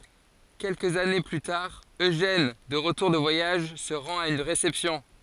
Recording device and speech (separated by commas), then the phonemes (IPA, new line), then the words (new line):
forehead accelerometer, read sentence
kɛlkəz ane ply taʁ øʒɛn də ʁətuʁ də vwajaʒ sə ʁɑ̃t a yn ʁesɛpsjɔ̃
Quelques années plus tard, Eugène, de retour de voyage, se rend à une réception.